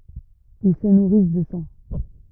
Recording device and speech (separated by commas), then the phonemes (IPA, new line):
rigid in-ear microphone, read sentence
il sə nuʁis də sɑ̃